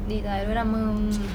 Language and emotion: Thai, neutral